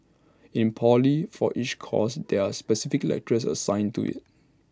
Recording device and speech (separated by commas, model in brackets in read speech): standing microphone (AKG C214), read sentence